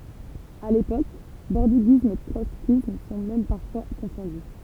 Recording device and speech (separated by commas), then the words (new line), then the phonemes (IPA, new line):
temple vibration pickup, read sentence
À l’époque bordiguisme et trotskysme sont même parfois confondus.
a lepok bɔʁdiɡism e tʁɔtskism sɔ̃ mɛm paʁfwa kɔ̃fɔ̃dy